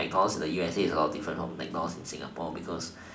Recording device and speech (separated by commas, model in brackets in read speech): standing microphone, conversation in separate rooms